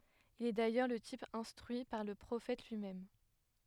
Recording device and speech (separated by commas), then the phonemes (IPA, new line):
headset microphone, read sentence
il ɛ dajœʁ lə tip ɛ̃stʁyi paʁ lə pʁofɛt lyimɛm